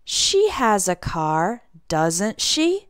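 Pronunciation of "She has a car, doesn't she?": The voice goes up at the end on the question tag 'doesn't she', so this is a real question asked to confirm something.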